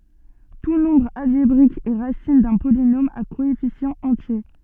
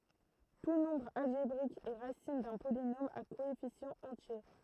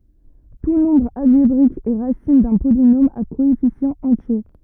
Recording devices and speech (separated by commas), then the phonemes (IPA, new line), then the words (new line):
soft in-ear microphone, throat microphone, rigid in-ear microphone, read sentence
tu nɔ̃bʁ alʒebʁik ɛ ʁasin dœ̃ polinom a koɛfisjɑ̃z ɑ̃tje
Tout nombre algébrique est racine d'un polynôme à coefficients entiers.